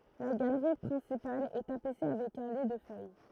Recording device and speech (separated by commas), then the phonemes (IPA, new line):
throat microphone, read sentence
la ɡalʁi pʁɛ̃sipal ɛ tapise avɛk œ̃ li də fœj